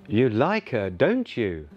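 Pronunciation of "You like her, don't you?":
The voice rises on the last words, 'don't you', so the sentence sounds like a real question.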